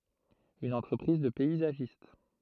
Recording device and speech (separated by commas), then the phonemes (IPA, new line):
throat microphone, read sentence
yn ɑ̃tʁəpʁiz də pɛizaʒist